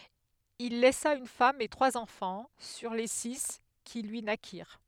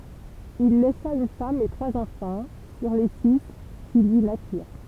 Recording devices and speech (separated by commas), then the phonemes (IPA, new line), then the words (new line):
headset microphone, temple vibration pickup, read sentence
il lɛsa yn fam e tʁwaz ɑ̃fɑ̃ syʁ le si ki lyi nakiʁ
Il laissa une femme et trois enfants, sur les six qui lui naquirent.